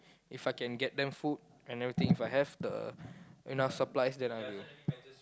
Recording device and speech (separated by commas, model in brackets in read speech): close-talking microphone, conversation in the same room